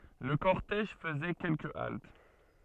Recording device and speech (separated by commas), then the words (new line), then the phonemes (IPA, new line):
soft in-ear microphone, read sentence
Le cortège faisait quelques haltes.
lə kɔʁtɛʒ fəzɛ kɛlkə alt